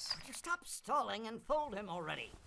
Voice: tiny little voice